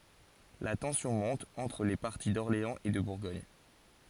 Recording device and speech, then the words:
forehead accelerometer, read sentence
La tension monte entre les partis d'Orléans et de Bourgogne.

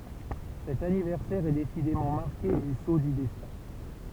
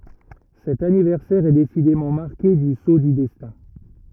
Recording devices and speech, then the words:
temple vibration pickup, rigid in-ear microphone, read sentence
Cet anniversaire est décidément marqué du sceau du destin.

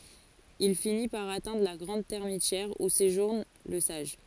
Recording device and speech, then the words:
forehead accelerometer, read sentence
Il finit par atteindre la grande termitière où séjourne le sage.

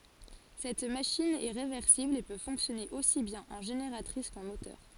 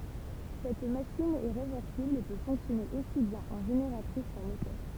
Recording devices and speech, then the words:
forehead accelerometer, temple vibration pickup, read sentence
Cette machine est réversible et peut fonctionner aussi bien en génératrice qu'en moteur.

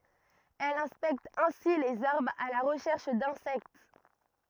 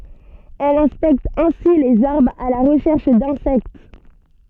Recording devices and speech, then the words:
rigid in-ear microphone, soft in-ear microphone, read sentence
Elle inspecte ainsi les arbres à la recherche d'insectes.

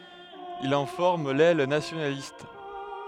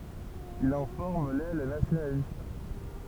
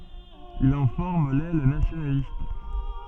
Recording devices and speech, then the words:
headset microphone, temple vibration pickup, soft in-ear microphone, read sentence
Il en forme l'aile nationaliste.

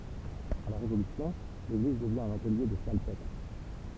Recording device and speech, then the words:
temple vibration pickup, read sentence
À la Révolution, l'église devient un atelier de salpêtre.

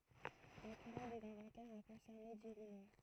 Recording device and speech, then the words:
throat microphone, read sentence
La querelle des inventaires a concerné Dirinon.

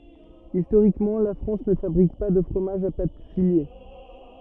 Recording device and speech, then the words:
rigid in-ear microphone, read sentence
Historiquement, la France ne fabrique pas de fromages à pâte filée.

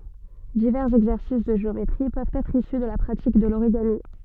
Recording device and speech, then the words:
soft in-ear microphone, read sentence
Divers exercices de géométrie peuvent être issus de la pratique de l'origami.

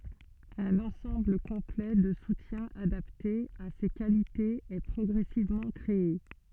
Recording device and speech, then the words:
soft in-ear microphone, read sentence
Un ensemble complet de soutiens adapté à ses qualités est progressivement créé.

